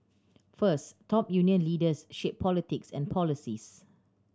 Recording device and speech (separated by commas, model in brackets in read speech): standing microphone (AKG C214), read sentence